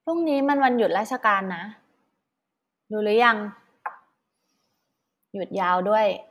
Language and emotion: Thai, neutral